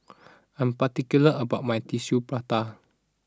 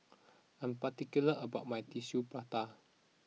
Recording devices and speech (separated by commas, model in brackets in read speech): standing microphone (AKG C214), mobile phone (iPhone 6), read sentence